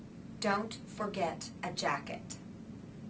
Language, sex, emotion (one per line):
English
female
angry